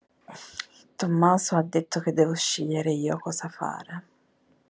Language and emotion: Italian, sad